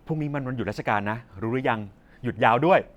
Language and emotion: Thai, happy